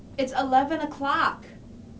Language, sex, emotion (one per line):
English
female
angry